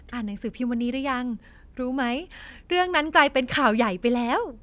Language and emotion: Thai, happy